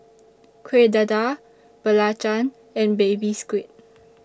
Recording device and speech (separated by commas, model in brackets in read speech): standing microphone (AKG C214), read sentence